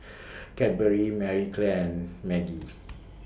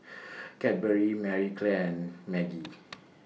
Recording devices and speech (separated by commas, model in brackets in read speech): boundary microphone (BM630), mobile phone (iPhone 6), read sentence